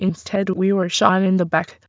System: TTS, waveform concatenation